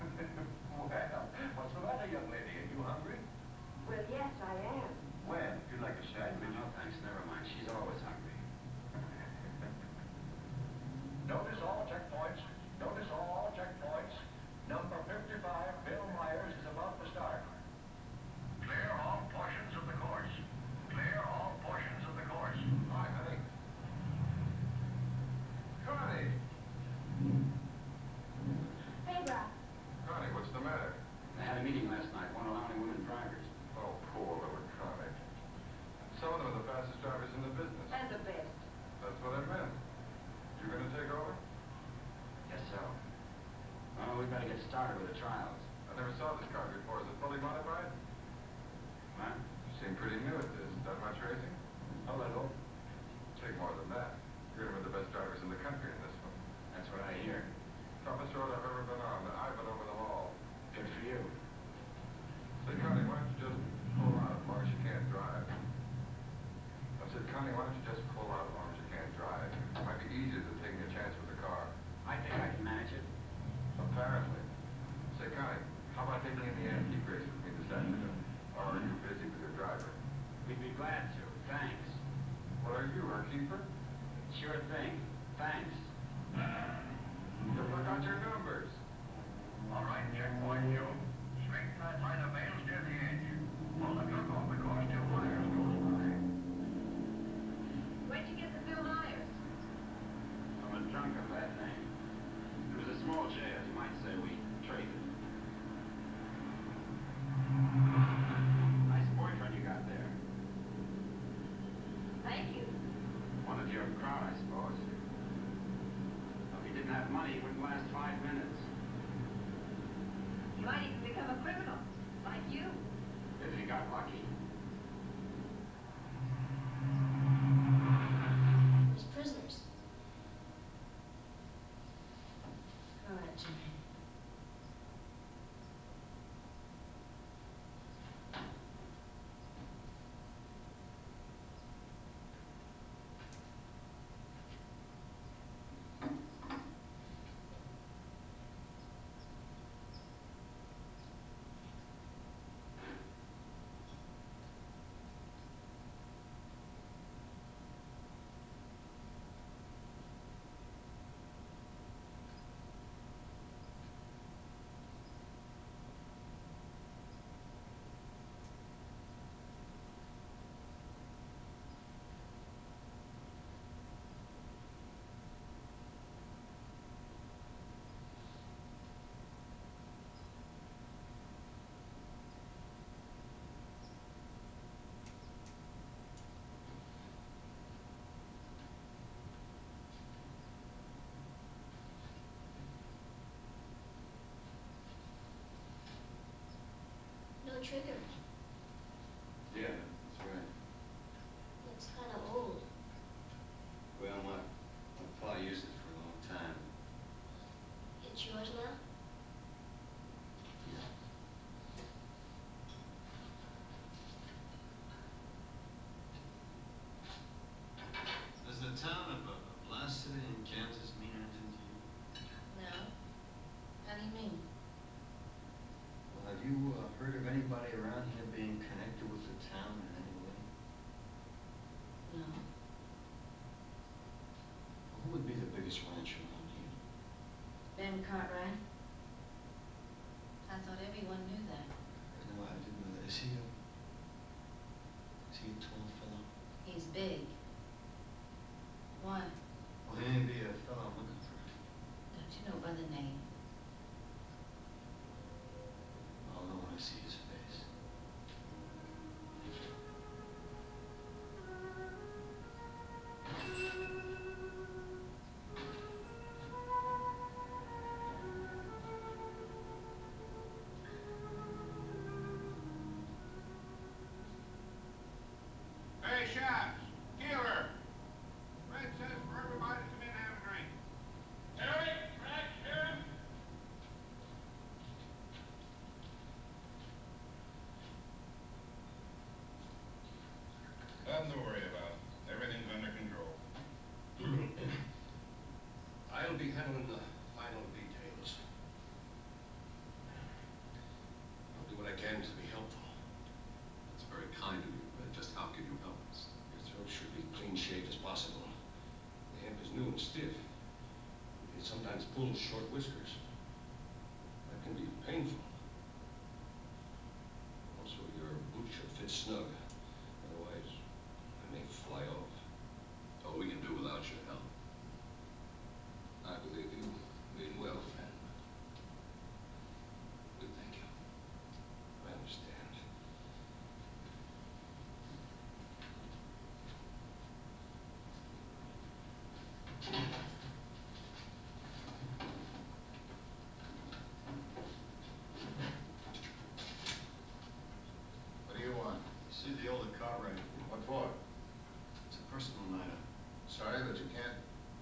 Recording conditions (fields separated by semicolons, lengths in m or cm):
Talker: no one; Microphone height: 99 cm; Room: medium-sized (5.7 m by 4.0 m); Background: television